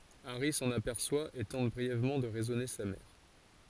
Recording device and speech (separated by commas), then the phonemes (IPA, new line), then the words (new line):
forehead accelerometer, read sentence
aʁi sɑ̃n apɛʁswa e tɑ̃t bʁiɛvmɑ̃ də ʁɛzɔne sa mɛʁ
Harry s'en aperçoit et tente brièvement de raisonner sa mère.